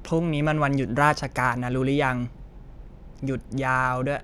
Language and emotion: Thai, frustrated